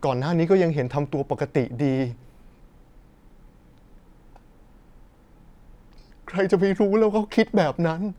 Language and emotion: Thai, sad